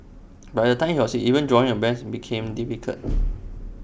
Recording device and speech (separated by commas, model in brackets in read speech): boundary microphone (BM630), read sentence